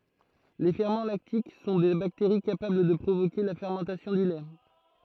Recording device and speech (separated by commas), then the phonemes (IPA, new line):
throat microphone, read sentence
le fɛʁmɑ̃ laktik sɔ̃ de bakteʁi kapabl də pʁovoke la fɛʁmɑ̃tasjɔ̃ dy lɛ